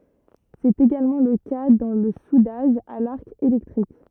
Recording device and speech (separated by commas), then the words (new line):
rigid in-ear microphone, read sentence
C'est également le cas dans le soudage à l'arc électrique.